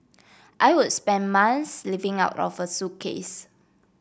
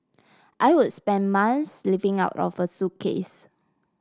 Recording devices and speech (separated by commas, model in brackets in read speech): boundary microphone (BM630), standing microphone (AKG C214), read sentence